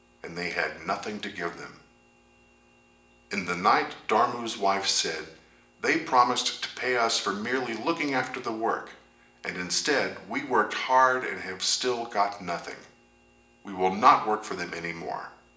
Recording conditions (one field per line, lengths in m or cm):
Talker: one person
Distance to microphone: 1.8 m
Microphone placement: close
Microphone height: 1.0 m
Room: large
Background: none